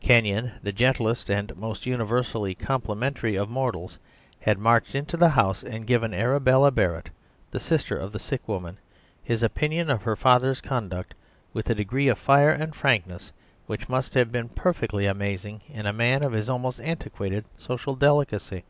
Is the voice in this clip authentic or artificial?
authentic